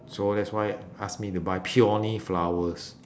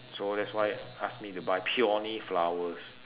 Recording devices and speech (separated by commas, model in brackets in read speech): standing microphone, telephone, conversation in separate rooms